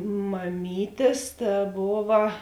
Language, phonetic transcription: Lithuanian, maˈmytės ta ˈbova

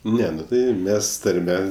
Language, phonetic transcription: Lithuanian, ˈne ˈnu ˈtai ˈmes tarˈme

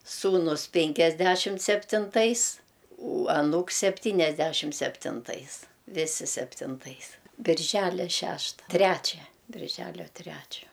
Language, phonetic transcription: Lithuanian, ˈsūnus pinkiasˈdæšimt septinˈtais u aˈnūks septyniasˈdæšimt septinˈtais ˈvisi septinˈtais birˈžælia ˈšešta ˈtræčia birˈželio ˈtræčio

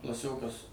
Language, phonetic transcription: Lithuanian, klaˈsiokas

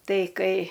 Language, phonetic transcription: Lithuanian, ˈtai ˈkai

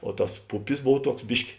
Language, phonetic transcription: Lithuanian, o ˈtas ˈpupis ˈbov ˈtuoks ˈbiški

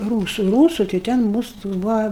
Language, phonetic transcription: Lithuanian, ˈrūsu ˈrūsu tai ˈten ˈmūsu ˈtoks ˈbūva

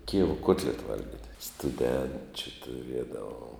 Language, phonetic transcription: Lithuanian, ˈkijevo ˈkuotleta ˈvalgit' stuˈdenčiu tuˈriedavom

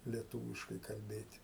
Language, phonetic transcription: Lithuanian, lieˈtūviškai kalˈbėt'

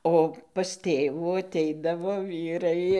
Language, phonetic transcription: Lithuanian, o pas ˈtėvų aˈteidavo ˈvyrai

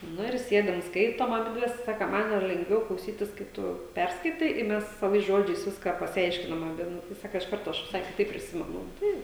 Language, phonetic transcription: Lithuanian, ˈnu ir ˈsiedam ˈskaitom aˈbidves ˈsaka ˈman jau lengˈviau klauˈsytis kai ˈtu ˈperskaitai i ˈmes saˈvais ˈžodžiais ˈviską pasiˈaiškinam aˈbi ˈnu tai ˈsaka iš ˈkarto ˈaš viˈsai kiˈtaip priˈsimenu ˈtai

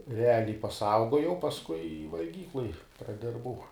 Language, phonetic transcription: Lithuanian, reˈaliai paˈsaugojau pasˈkui i valˈgykloj praˈdirbau

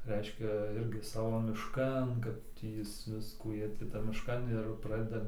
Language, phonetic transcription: Lithuanian, ˈreiškia ˈirgi ˈsavo mišˈkan kad ˈtį ˈjis ˈviskų ˈjie ti ˈtam mišˈkan ir ˈpradeda

